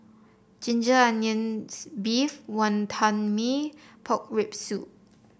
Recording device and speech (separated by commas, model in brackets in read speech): boundary microphone (BM630), read sentence